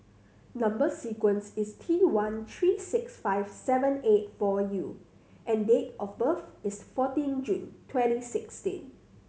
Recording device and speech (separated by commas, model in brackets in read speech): mobile phone (Samsung C7100), read sentence